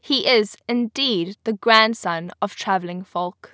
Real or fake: real